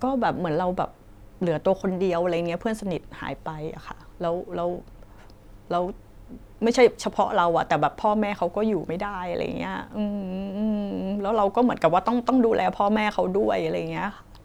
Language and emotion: Thai, sad